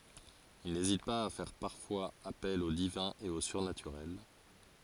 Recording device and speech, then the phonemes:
forehead accelerometer, read sentence
il nezit paz a fɛʁ paʁfwaz apɛl o divɛ̃ e o syʁnatyʁɛl

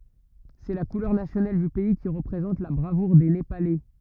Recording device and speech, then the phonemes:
rigid in-ear microphone, read sentence
sɛ la kulœʁ nasjonal dy pɛi ki ʁəpʁezɑ̃t la bʁavuʁ de nepalɛ

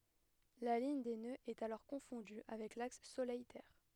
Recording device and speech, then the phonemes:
headset microphone, read sentence
la liɲ de nøz ɛt alɔʁ kɔ̃fɔ̃dy avɛk laks solɛj tɛʁ

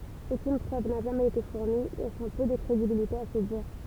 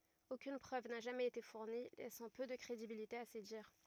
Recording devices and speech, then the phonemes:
temple vibration pickup, rigid in-ear microphone, read sentence
okyn pʁøv na ʒamɛz ete fuʁni lɛsɑ̃ pø də kʁedibilite a se diʁ

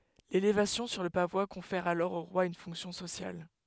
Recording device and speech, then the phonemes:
headset microphone, read sentence
lelevasjɔ̃ syʁ lə pavwa kɔ̃fɛʁ alɔʁ o ʁwa yn fɔ̃ksjɔ̃ sosjal

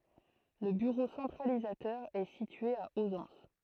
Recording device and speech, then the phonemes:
throat microphone, read sentence
lə byʁo sɑ̃tʁalizatœʁ ɛ sitye a ozɑ̃s

